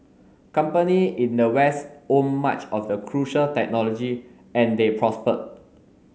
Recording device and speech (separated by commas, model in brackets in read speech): mobile phone (Samsung S8), read sentence